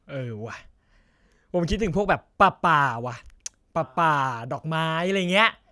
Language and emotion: Thai, happy